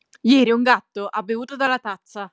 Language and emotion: Italian, angry